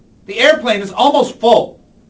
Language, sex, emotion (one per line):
English
male
angry